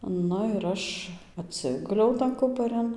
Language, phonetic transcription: Lithuanian, ˈnu ir ˈaš atˈsiguliau tan ˈkuparin

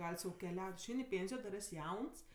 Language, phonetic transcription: Lithuanian, ˈgal' sau keˈliaut' išˈein' i ˈpėnsijo dar ˈes' ˈjauns

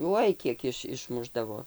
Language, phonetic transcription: Lithuanian, ˈuoj ˈkiek iš išˈmušdavo

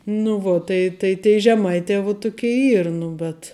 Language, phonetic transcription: Lithuanian, nu ˈvo ˈtai tai tei žeˈmaitē vu ˈtukei ˈyr ˈnu bet

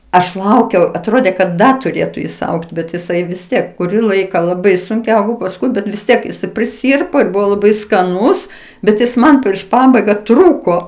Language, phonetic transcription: Lithuanian, aš ˈlaukiau atˈrodė kad ˈda tuˈrėtu jis ˈaugt' bet jiˈsai vis ˈtiek kuˈrį ˈlaiką laˈbai sunˈkiau pasˈkui ˈbet vis ˈtiek jiˈsai priˈsyrpo ir ˈbuvo laˈbai skaˈnūs bet ˈjis ˈman prieš ˈpabaiga ˈtrūko

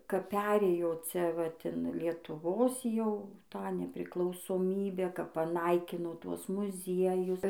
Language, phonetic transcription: Lithuanian, kap ˈperėjo ˈcia vat in lietuˈvos ˈjau ˈtą nepriklausoˈmybę kap paˈnaikino ˈtuos muˈziejus

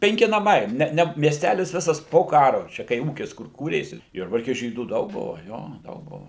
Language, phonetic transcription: Lithuanian, penˈki naˈmai ˈne ˈne miesˈtælis ˈvisas po ˈkaru ˈčia kai ˈūkis kur ˈkūrėsi ˈjurbarke ˈžydų ˈdaug ˈbuva ˈjo ˈdaug ˈbuva

